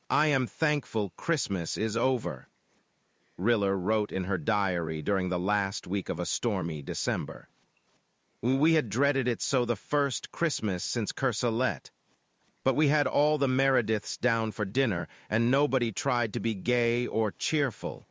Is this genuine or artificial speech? artificial